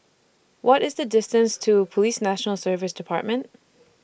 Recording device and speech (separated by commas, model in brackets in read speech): boundary microphone (BM630), read sentence